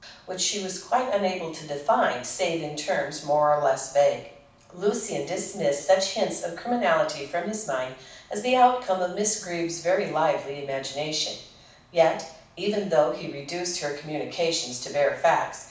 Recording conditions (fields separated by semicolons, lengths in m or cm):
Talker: one person; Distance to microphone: 5.8 m; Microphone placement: far; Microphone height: 1.8 m; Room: medium-sized (5.7 m by 4.0 m); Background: none